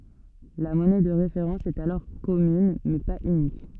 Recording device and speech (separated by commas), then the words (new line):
soft in-ear microphone, read sentence
La monnaie de référence est alors commune, mais pas unique.